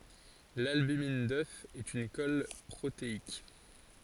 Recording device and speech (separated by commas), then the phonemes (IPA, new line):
forehead accelerometer, read sentence
lalbymin dœf ɛt yn kɔl pʁoteik